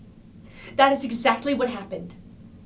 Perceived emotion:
angry